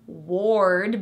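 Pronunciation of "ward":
'Word' is pronounced incorrectly here. The vowel is not the R colored er sound that 'word' should have.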